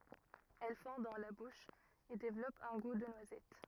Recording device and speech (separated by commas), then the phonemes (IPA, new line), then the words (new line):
rigid in-ear microphone, read sentence
ɛl fɔ̃ dɑ̃ la buʃ e devlɔp œ̃ ɡu də nwazɛt
Elle fond dans la bouche, et développe un goût de noisette.